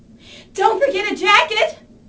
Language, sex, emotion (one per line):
English
female
fearful